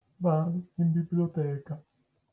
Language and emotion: Italian, sad